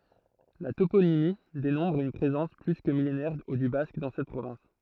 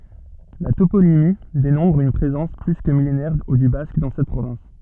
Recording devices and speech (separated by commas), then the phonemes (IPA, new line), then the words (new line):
throat microphone, soft in-ear microphone, read sentence
la toponimi demɔ̃tʁ yn pʁezɑ̃s ply kə milenɛʁ dy bask dɑ̃ sɛt pʁovɛ̃s
La toponymie démontre une présence plus que millénaire du basque dans cette province.